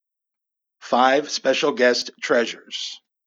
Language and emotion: English, happy